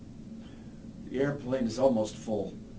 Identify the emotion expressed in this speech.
disgusted